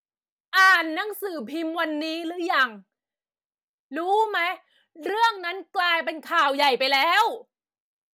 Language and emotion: Thai, angry